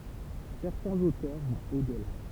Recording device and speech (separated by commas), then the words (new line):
temple vibration pickup, read sentence
Certains auteurs vont au-delà.